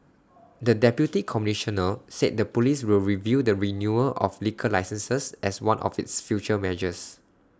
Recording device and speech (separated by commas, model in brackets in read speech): standing microphone (AKG C214), read sentence